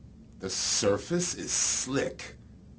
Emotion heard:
neutral